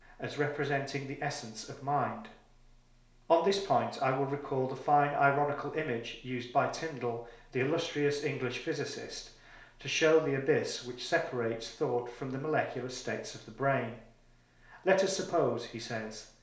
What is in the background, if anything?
Nothing.